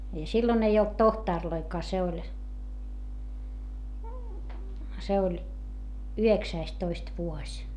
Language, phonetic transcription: Finnish, ja sillon ‿ei olt tohtàrloikaa se oĺ , se oĺ , yheksäistoist vuoś .
- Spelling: ja silloin ei ollut tohtoreitakaan se oli se oli yhdeksästoista vuosi

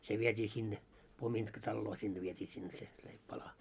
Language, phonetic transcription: Finnish, 'se viet́ii sinne , 'pomintkatalloo sinne viet́ii sinne se leip'pala .
- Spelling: se vietiin sinne pomintkataloon sinne vietiin sinne se leipäpala

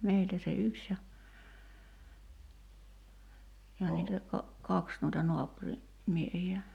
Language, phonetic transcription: Finnish, 'meiltä se "yks ja , ja niitä , ka- , 'kaks nuita "noapuri , 'miehi₍ä .
- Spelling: meiltä se yksi ja ja niitä - kaksi noita naapurin miehiä

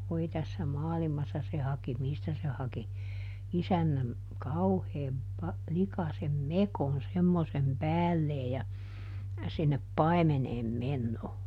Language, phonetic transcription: Finnish, ˈvoi tässä "maalimassa se haki ˈmistä se haki , ˈisännäm , "kauheem pa- , ˈlikasem "mekon ˈsemmosem "päällee ja , sinnep "pai̮meneem ˈmennoo .
- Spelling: voi tässä maailmassa se haki mistä se haki isännän kauhean - likaisen mekon semmoisen päälleen ja sinne paimeneen menoon

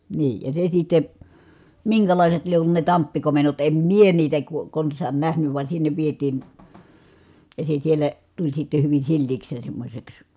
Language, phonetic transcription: Finnish, nii , ja se sitte , miŋkälàiset lie ollu ne tamppikomennot , em mie niitä ko- , kons̀aan nähnyv va sinnev vietiin̬ , ja se sielä , tuĺ sitte hyvin̬ silliiks ja semmośeks .
- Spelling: niin ja se sitten minkälaiset lie ollut ne tamppikomennot en minä niitä - konsaan nähnyt vaan sinne vietiin ja se siellä tuli sitten hyvin sileäksi ja semmoiseksi

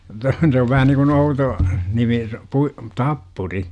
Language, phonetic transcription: Finnish, -tä se ov vähä niŋkun 'outo , 'nimi , pui- , "tappuri .
- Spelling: että se on vähän niin kuin outo nimi - tappuri

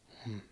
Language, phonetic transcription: Finnish, hm̥ .
- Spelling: hm

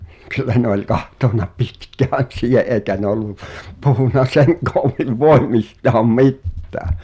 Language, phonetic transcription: Finnish, kyllä ne ‿oĺ 'kahtòna "pitkään̬ sii(h)e’ ’èikä 'ne ‿ol̆lu , puhunna 'seŋ koommiv 'voi̬mmistaam "mi̬ttää .
- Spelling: kyllä ne oli katsonut pitkään siihen eikä ne ollut puhunut sen koommin voimistaan mitään

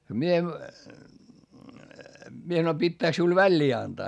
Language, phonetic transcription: Finnish, mie , mie sanoi » pittääk siul väĺĺii antaa ?
- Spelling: minä minä sanoin pitääkö sinulle väliin antaa

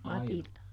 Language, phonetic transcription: Finnish, ˈMatilta .
- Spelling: Matilda

